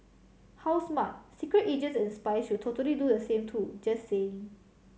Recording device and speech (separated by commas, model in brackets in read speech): mobile phone (Samsung C7100), read sentence